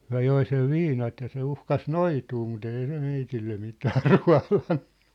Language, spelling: Finnish, he joi sen viinat ja se uhkasi noitua mutta ei se meille mitään ruodannut
- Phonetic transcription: » "hyä̭ "joi sev "viinat ja se 'uhkas "noituu mu't ‿èi se 'meitille 'mitää rua̭lanɴᴜ . «

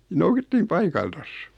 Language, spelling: Finnish, noukittiin paikaltansa
- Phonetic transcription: 'noukittiim 'paikaltas .

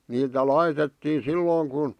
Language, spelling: Finnish, niitä laitettiin silloin kun
- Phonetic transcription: niitä 'laitettii 'sillooŋ kun ,.

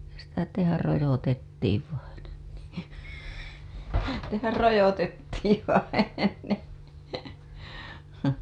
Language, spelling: Finnish, sitä tehdä rojotettiin vainen niin tehdä rojotettiin vainen
- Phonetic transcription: sitä tehär 'rojotettiiv vainen (nii) , tehär 'rojotettiiv vai(nen) .

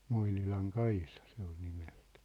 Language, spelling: Finnish, Moinilan Kaisa se oli nimeltään
- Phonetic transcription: 'Moinilaŋ 'Kaisa se ‿ol 'nimeʟtᴀ̈ᴀ̈ .

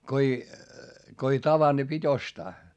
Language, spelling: Finnish, kun ei kun ei tavannut niin piti ostaa
- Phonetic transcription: ko ei , ko ei tavanD ni pit́ ‿ostaa .

